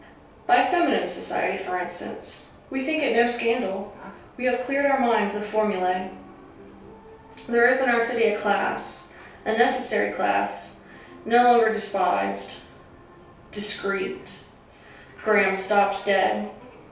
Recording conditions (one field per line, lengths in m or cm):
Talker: one person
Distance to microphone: 3.0 m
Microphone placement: far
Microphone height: 1.8 m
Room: small (3.7 m by 2.7 m)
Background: television